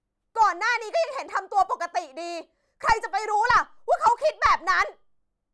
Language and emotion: Thai, angry